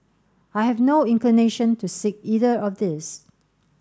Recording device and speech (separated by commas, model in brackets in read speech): standing microphone (AKG C214), read sentence